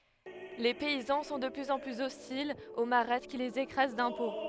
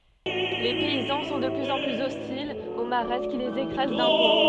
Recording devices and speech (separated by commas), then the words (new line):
headset microphone, soft in-ear microphone, read sentence
Les paysans sont de plus en plus hostiles aux Mahrattes qui les écrasent d'impôts.